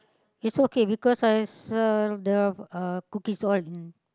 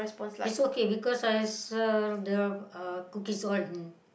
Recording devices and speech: close-talking microphone, boundary microphone, conversation in the same room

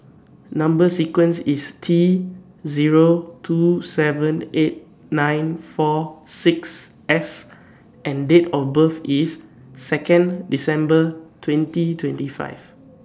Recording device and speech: standing microphone (AKG C214), read sentence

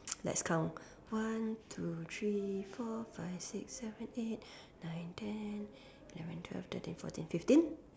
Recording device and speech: standing microphone, conversation in separate rooms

